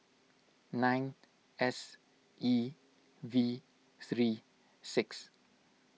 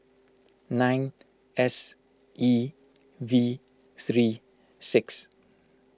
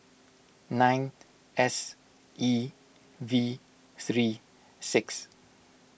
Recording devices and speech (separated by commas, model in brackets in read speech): mobile phone (iPhone 6), close-talking microphone (WH20), boundary microphone (BM630), read sentence